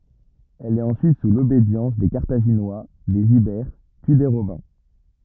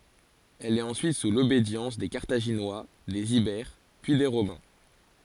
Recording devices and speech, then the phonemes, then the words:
rigid in-ear microphone, forehead accelerometer, read sentence
ɛl ɛt ɑ̃syit su lobedjɑ̃s de kaʁtaʒinwa dez ibɛʁ pyi de ʁomɛ̃
Elle est ensuite sous l'obédience des Carthaginois, des Ibères, puis des Romains.

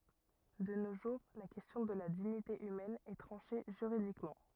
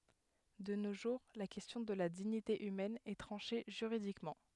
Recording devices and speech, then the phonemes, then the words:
rigid in-ear microphone, headset microphone, read sentence
də no ʒuʁ la kɛstjɔ̃ də la diɲite ymɛn ɛ tʁɑ̃ʃe ʒyʁidikmɑ̃
De nos jours la question de la dignité humaine est tranchée juridiquement.

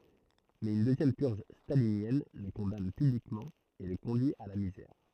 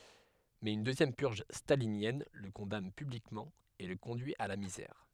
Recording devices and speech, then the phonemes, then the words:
throat microphone, headset microphone, read sentence
mɛz yn døzjɛm pyʁʒ stalinjɛn lə kɔ̃dan pyblikmɑ̃ e lə kɔ̃dyi a la mizɛʁ
Mais une deuxième purge stalinienne le condamne publiquement et le conduit à la misère.

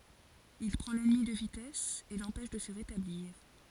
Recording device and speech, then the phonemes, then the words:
forehead accelerometer, read sentence
il pʁɑ̃ lɛnmi də vitɛs e lɑ̃pɛʃ də sə ʁetabliʁ
Il prend l'ennemi de vitesse et l'empêche de se rétablir.

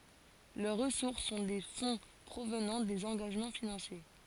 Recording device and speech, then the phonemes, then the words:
forehead accelerometer, read sentence
lœʁ ʁəsuʁs sɔ̃ de fɔ̃ pʁovnɑ̃ dez ɑ̃ɡaʒmɑ̃ finɑ̃sje
Leurs ressources sont des fonds provenant des engagements financiers.

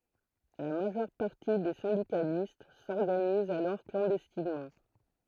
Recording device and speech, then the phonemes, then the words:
throat microphone, read sentence
la maʒœʁ paʁti de sɛ̃dikalist sɔʁɡanizt alɔʁ klɑ̃dɛstinmɑ̃
La majeure partie des syndicalistes s'organisent alors clandestinement.

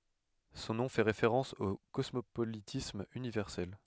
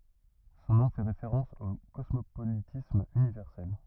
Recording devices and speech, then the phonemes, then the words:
headset microphone, rigid in-ear microphone, read sentence
sɔ̃ nɔ̃ fɛ ʁefeʁɑ̃s o kɔsmopolitism ynivɛʁsɛl
Son nom fait référence au Cosmopolitisme Universel.

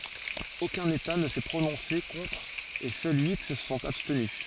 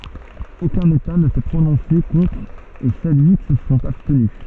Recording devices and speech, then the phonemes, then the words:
forehead accelerometer, soft in-ear microphone, read sentence
okœ̃n eta nə sɛ pʁonɔ̃se kɔ̃tʁ e sœl yi sə sɔ̃t abstny
Aucun État ne s'est prononcé contre et seuls huit se sont abstenus.

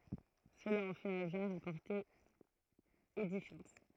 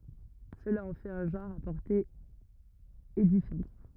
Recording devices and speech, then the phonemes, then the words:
throat microphone, rigid in-ear microphone, read sentence
səla ɑ̃ fɛt œ̃ ʒɑ̃ʁ a pɔʁte edifjɑ̃t
Cela en fait un genre à portée édifiante.

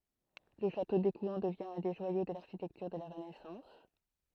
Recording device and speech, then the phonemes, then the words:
throat microphone, read sentence
lə ʃato dekwɛ̃ dəvjɛ̃ œ̃ de ʒwajo də laʁʃitɛktyʁ də la ʁənɛsɑ̃s
Le château d'Écouen devient un des joyaux de l'architecture de la Renaissance.

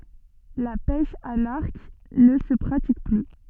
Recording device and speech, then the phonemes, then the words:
soft in-ear microphone, read sentence
la pɛʃ a laʁk nə sə pʁatik ply
La pêche à l'arc ne se pratique plus.

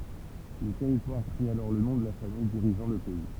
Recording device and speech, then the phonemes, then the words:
temple vibration pickup, read sentence
lə tɛʁitwaʁ pʁi alɔʁ lə nɔ̃ də la famij diʁiʒɑ̃ lə pɛi
Le territoire prit alors le nom de la famille dirigeant le pays.

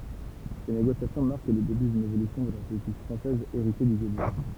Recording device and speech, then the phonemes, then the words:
temple vibration pickup, read sentence
se neɡosjasjɔ̃ maʁk lə deby dyn evolysjɔ̃ də la politik fʁɑ̃sɛz eʁite dy ɡolism
Ces négociations marquent le début d'une évolution de la politique française héritée du gaullisme.

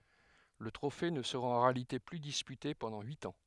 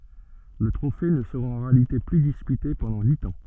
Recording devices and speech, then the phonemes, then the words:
headset microphone, soft in-ear microphone, read sentence
lə tʁofe nə səʁa ɑ̃ ʁealite ply dispyte pɑ̃dɑ̃ yit ɑ̃
Le trophée ne sera en réalité plus disputé pendant huit ans.

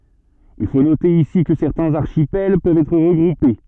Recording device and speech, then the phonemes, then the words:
soft in-ear microphone, read sentence
il fo note isi kə sɛʁtɛ̃z aʁʃipɛl pøvt ɛtʁ ʁəɡʁupe
Il faut noter ici que certains archipels peuvent être regroupés.

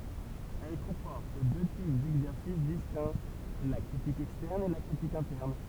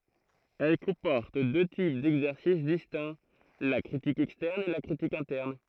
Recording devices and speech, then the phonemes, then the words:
temple vibration pickup, throat microphone, read sentence
ɛl kɔ̃pɔʁt dø tip dɛɡzɛʁsis distɛ̃ la kʁitik ɛkstɛʁn e la kʁitik ɛ̃tɛʁn
Elle comporte deux types d'exercices distincts, la critique externe et la critique interne.

